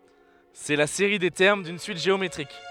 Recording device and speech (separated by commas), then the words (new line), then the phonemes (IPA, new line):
headset microphone, read sentence
C'est la série des termes d'une suite géométrique.
sɛ la seʁi de tɛʁm dyn syit ʒeometʁik